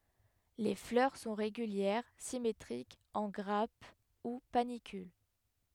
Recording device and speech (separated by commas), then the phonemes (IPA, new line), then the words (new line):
headset microphone, read sentence
le flœʁ sɔ̃ ʁeɡyljɛʁ simetʁikz ɑ̃ ɡʁap u panikyl
Les fleurs sont régulières, symétriques, en grappes ou panicules.